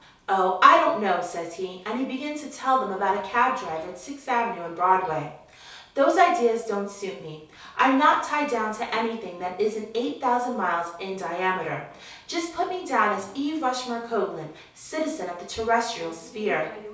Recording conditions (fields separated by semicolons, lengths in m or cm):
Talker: one person; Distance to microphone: 3.0 m; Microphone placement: far; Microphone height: 1.8 m; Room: small (3.7 m by 2.7 m); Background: television